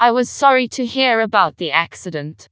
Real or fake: fake